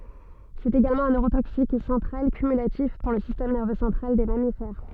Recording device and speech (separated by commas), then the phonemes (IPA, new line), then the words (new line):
soft in-ear microphone, read sentence
sɛt eɡalmɑ̃ œ̃ nøʁotoksik sɑ̃tʁal kymylatif puʁ lə sistɛm nɛʁvø sɑ̃tʁal de mamifɛʁ
C'est également un neurotoxique central cumulatif pour le système nerveux central des mammifères.